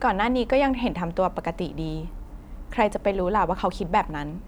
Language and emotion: Thai, neutral